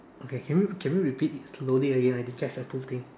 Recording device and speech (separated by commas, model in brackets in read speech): standing microphone, conversation in separate rooms